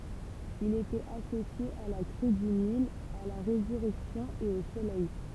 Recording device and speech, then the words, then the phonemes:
temple vibration pickup, read sentence
Il était associé à la crue du Nil, à la résurrection et au Soleil.
il etɛt asosje a la kʁy dy nil a la ʁezyʁɛksjɔ̃ e o solɛj

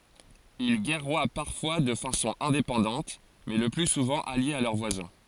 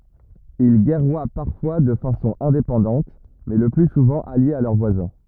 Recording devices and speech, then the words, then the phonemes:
forehead accelerometer, rigid in-ear microphone, read sentence
Ils guerroient parfois de façon indépendante, mais le plus souvent alliés à leurs voisins.
il ɡɛʁwa paʁfwa də fasɔ̃ ɛ̃depɑ̃dɑ̃t mɛ lə ply suvɑ̃ aljez a lœʁ vwazɛ̃

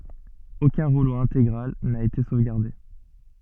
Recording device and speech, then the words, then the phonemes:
soft in-ear microphone, read sentence
Aucun rouleau intégral n'a été sauvegardé.
okœ̃ ʁulo ɛ̃teɡʁal na ete sovɡaʁde

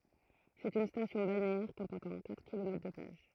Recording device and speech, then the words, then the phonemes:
throat microphone, read sentence
C'est une station balnéaire comportant quatre kilomètres de plages.
sɛt yn stasjɔ̃ balneɛʁ kɔ̃pɔʁtɑ̃ katʁ kilomɛtʁ də plaʒ

